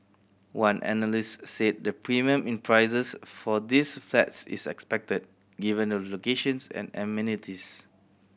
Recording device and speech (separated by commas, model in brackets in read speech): boundary microphone (BM630), read sentence